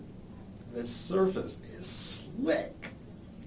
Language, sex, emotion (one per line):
English
male
disgusted